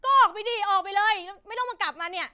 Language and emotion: Thai, angry